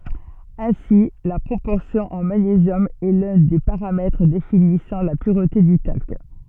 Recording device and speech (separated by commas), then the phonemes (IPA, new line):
soft in-ear microphone, read sentence
ɛ̃si la pʁopɔʁsjɔ̃ ɑ̃ maɲezjɔm ɛ lœ̃ de paʁamɛtʁ definisɑ̃ la pyʁte dy talk